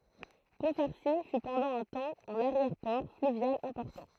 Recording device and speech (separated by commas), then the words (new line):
throat microphone, read sentence
Pont-Farcy fut pendant un temps un arrière-port fluvial important.